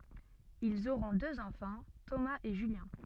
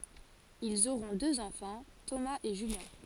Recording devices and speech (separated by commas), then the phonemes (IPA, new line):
soft in-ear microphone, forehead accelerometer, read sentence
ilz oʁɔ̃ døz ɑ̃fɑ̃ tomaz e ʒyljɛ̃